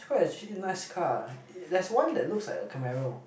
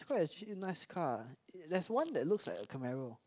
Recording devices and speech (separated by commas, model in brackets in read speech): boundary microphone, close-talking microphone, conversation in the same room